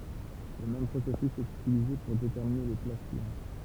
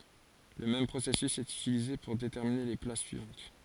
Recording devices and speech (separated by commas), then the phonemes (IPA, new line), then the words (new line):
temple vibration pickup, forehead accelerometer, read sentence
lə mɛm pʁosɛsys ɛt ytilize puʁ detɛʁmine le plas syivɑ̃t
Le même processus est utilisé pour déterminer les places suivantes.